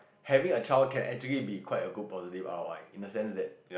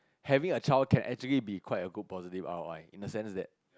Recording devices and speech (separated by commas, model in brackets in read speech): boundary microphone, close-talking microphone, conversation in the same room